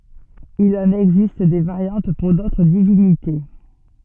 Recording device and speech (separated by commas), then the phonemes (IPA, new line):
soft in-ear microphone, read sentence
il ɑ̃n ɛɡzist de vaʁjɑ̃t puʁ dotʁ divinite